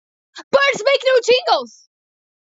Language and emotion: English, surprised